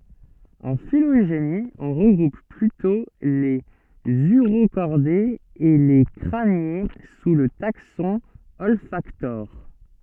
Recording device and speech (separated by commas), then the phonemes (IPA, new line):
soft in-ear microphone, read sentence
ɑ̃ filoʒeni ɔ̃ ʁəɡʁup plytɔ̃ lez yʁokɔʁdez e le kʁanje su lə taksɔ̃ ɔlfaktoʁ